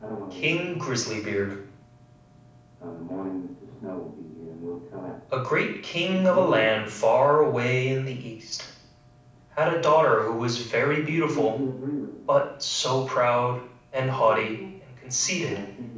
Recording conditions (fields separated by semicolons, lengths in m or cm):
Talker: one person; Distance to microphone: 5.8 m; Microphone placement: far; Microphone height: 1.8 m; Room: medium-sized (5.7 m by 4.0 m); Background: television